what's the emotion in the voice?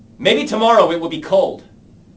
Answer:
angry